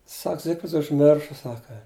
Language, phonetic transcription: Lithuanian, ˈsak ˈzigfrids užˈmirša ˈsaka

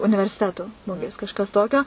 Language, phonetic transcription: Lithuanian, universiˈtetu ˈmugės kažˈkas ˈtokio

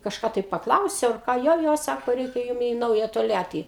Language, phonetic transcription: Lithuanian, kažˈką tai pakˈlausiau ar ˈką ˈjo ˈjo ˈsako ˈreikia ˈjum į ˈnauja tolˈjatį

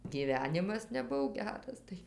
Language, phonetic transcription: Lithuanian, gyˈvenimas neˈbuv ˈgeras ˈtai

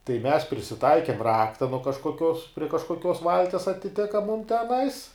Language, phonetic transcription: Lithuanian, tai mes prisiˈtaikėm ˈrakta nuo kažkoˈkios prie kažkoˈkios ˈvalties atiˈtika mum teˈnais

